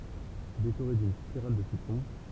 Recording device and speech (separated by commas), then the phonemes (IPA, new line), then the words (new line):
temple vibration pickup, read sentence
dekoʁe dyn spiʁal də sitʁɔ̃
Décorer d'une spirale de citron.